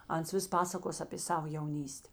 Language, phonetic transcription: Lithuanian, ˈans ˈvis ˈpasakos apė ˈsavo jauˈnyste

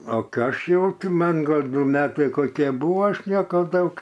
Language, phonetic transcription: Lithuanian, o kai ˈaš jau ti ˈman' ˈgal' ˈdu ˈmetai koˈkie ˈbūva ˈaš ˈnieka ˈdaug

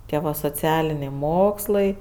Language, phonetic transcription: Lithuanian, ˈtie va soˈcialiniai ˈmokslai

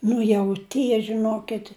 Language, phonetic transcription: Lithuanian, ˈnu jau ˈtie žiˈnokit'

